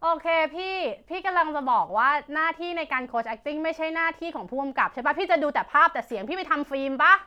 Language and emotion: Thai, angry